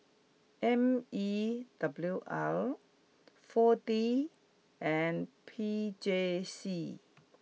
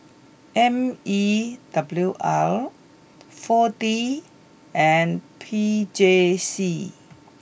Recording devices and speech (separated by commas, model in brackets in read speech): mobile phone (iPhone 6), boundary microphone (BM630), read sentence